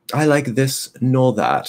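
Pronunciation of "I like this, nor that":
'I like this, nor that' is said in a British accent, with a sophisticated, arrogant-sounding tone.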